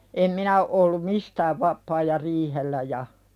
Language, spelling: Finnish, en minä ole ollut mistään vapaa ja riihellä ja
- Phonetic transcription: em 'minä o ’ollum "mistääv vap̆paa ja "riihellä ja .

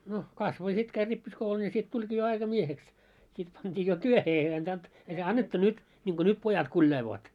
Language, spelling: Finnish, no kasvoi ja sitten kävi rippikoulun ja sitten tulikin jo aikamieheksi sitten pantiin jo työhön ei antanut ei se annettu nyt niin kuin nyt pojat kuljailevat
- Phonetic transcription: no , 'kasvo ja 'sit käi 'rippiskoulun ja sit 'tuĺɢii jo 'aika'mieheks , sit pant́ii jo "työhe ei antant , ei se "annettu "nyt , ńiŋɢo "nyt 'pojat kuĺjailoot .

